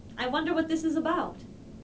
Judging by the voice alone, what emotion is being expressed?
neutral